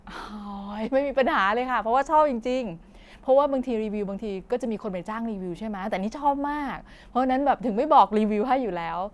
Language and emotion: Thai, happy